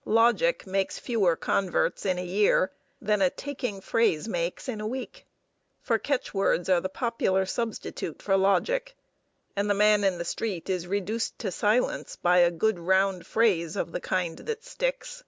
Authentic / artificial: authentic